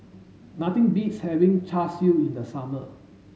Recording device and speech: mobile phone (Samsung S8), read sentence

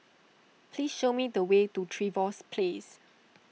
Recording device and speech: mobile phone (iPhone 6), read sentence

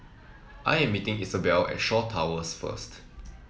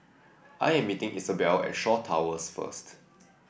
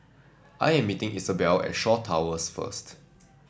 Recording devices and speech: mobile phone (iPhone 7), boundary microphone (BM630), standing microphone (AKG C214), read sentence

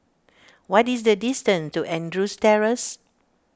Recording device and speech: standing microphone (AKG C214), read sentence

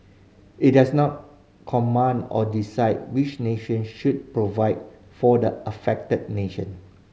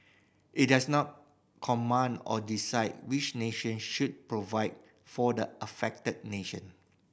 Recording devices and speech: mobile phone (Samsung C5010), boundary microphone (BM630), read sentence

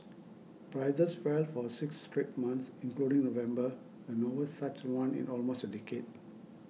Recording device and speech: mobile phone (iPhone 6), read sentence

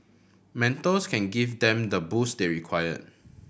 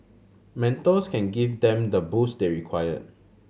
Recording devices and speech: boundary microphone (BM630), mobile phone (Samsung C7100), read sentence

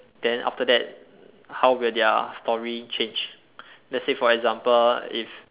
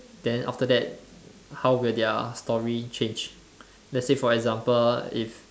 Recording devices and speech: telephone, standing microphone, conversation in separate rooms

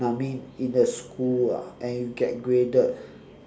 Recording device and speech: standing microphone, conversation in separate rooms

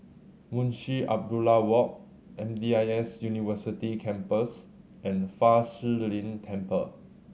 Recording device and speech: mobile phone (Samsung C7100), read sentence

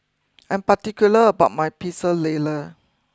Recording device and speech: close-talking microphone (WH20), read sentence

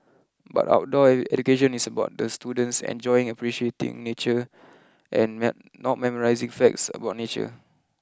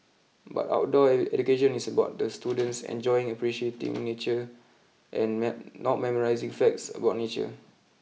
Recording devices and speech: close-talking microphone (WH20), mobile phone (iPhone 6), read sentence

